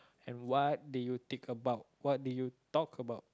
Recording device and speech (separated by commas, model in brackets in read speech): close-talking microphone, conversation in the same room